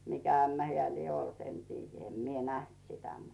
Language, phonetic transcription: Finnish, 'mikä 'ämmä 'heä̀ 'lie olt en tiijjä 'em mie "näht sitä mut , - -
- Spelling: mikä ämmä hän lie ollut en tiedä en minä nähnyt sitä mutta

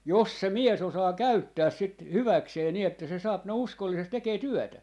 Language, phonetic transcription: Finnish, "jos 'se "mie's ‿osaa "käyttääs 'sit "hyväksee ni ‿että se 'saap ne 'uskollisest 'tekee "työtä .
- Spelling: jos se mies osaa käyttää sitä hyväkseen niin että se saa ne uskollisesti tekemään työtä

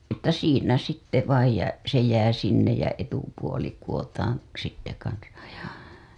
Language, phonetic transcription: Finnish, että 'siinä "sitte vaij ja , se jää sinnej jä etupuoli kuWotaan , sitte kansaj ja .
- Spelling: että siinä sitten vain ja se jää sinne ja etupuoli kudotaan sitten kanssa ja

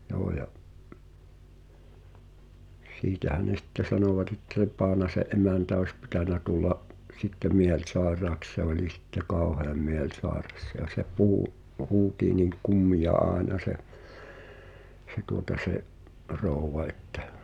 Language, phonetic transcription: Finnish, joo ja’ , "siitähä ne sⁱtte 'sanòvat ‿ettᵃ̈ se 'Paanase’ "’emäntä oⁱs pitänä 'tulla’ , sitte "miel'saeraaks se oĺi sitte "kaoheam 'miel'sàeras ja se 'puhu , 'huuti̳i̳ niŋ "kummija 'aaᵉna se , se tuota se’ , 'rouw̆va ettᴀ̈ .
- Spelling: joo ja siitähän ne sitten sanovat että se Paanasen emäntä olisi pitänyt tulla sitten mielisairaaksi se oli sitten kauhean mielisairas ja se puhui huusi niin kummia aina se se tuota se rouva että

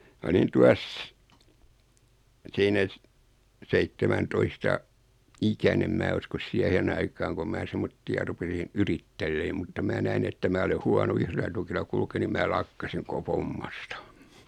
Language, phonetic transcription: Finnish, ma olin 'tuas , 'siinä s- , 'seittemäntoista , 'ikänem 'mää uskos 'siähen aikaaŋ kom 'mää "semmotti₍a 'rupesin̬ , "yrittelleem mutta 'mää näin ‿että 'mää ole 'huano 'yhrelä tukila kulkee nim 'mää "lakkasiŋ 'ko(ko) "fommasta .
- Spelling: minä olin tuossa siinä - seitsemäntoista ikäinen minä uskoisin siihen aikaan kun minä semmoisia rupesin yrittelemään mutta minä näin että minä olen huono yhdellä tukilla kulkemaan niin minä lakkasin koko hommasta

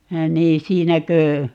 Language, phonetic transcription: Finnish, 'nii 'siinäkö ,.
- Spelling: niin siinäkö

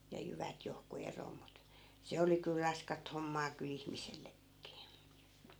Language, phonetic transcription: Finnish, ja 'jyvät johku 'eroo mut , "se oli kyl 'raskat hommaa ky'l ‿ihmisellekkii .
- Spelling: ja jyvät johonkin eroon mutta se oli kyllä raskasta hommaa kyllä ihmisellekin

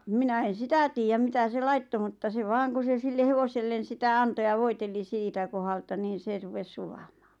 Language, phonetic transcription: Finnish, 'minä en̬ "sitä tiijäm 'mitä se 'laitto mutta se 'vaaŋ ku se sille 'hevosellen̬ 'sitä "anto ja 'voiteli 'siitä kohalta niin̬ 'se rupes 'sulamᴀᴀ .
- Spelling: minä en sitä tiedä mitä se laittoi mutta se vain kun se sille hevoselle sitä antoi ja voiteli siitä kohdalta niin se rupesi sulamaan

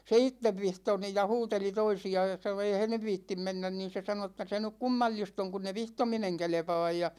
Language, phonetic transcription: Finnish, se "ittev 'vihto nij ja "huuteli 'toisi₍a (ja sano) » 'eihän ne "viittim 'mennän « nin̬ se sano että , » se nyk "kummal͕l͕ist ‿oŋ kunn ‿e "vihtomineŋ 'kelᵉpa̭a̭j « ja .
- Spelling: se itse vihtoi niin ja huuteli toisia ja sanoi eihän ne viitsi mennä niin se sanoi että se nyt kummallista on kun ei vihtominen kelpaa ja

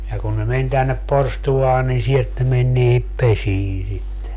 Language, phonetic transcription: Finnish, ja kun ne 'men tännep 'porstu₍aa nin 'sielt ne men niihip "pesii sitte .
- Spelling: ja kun ne meni tänne porstuaan niin sieltä ne meni niihin pesiin sitten

